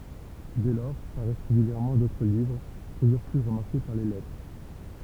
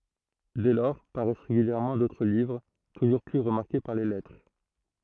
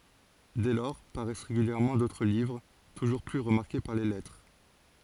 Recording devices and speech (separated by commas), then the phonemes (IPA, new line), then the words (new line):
temple vibration pickup, throat microphone, forehead accelerometer, read sentence
dɛ lɔʁ paʁɛs ʁeɡyljɛʁmɑ̃ dotʁ livʁ tuʒuʁ ply ʁəmaʁke paʁ le lɛtʁe
Dès lors paraissent régulièrement d’autres livres, toujours plus remarqués par les lettrés.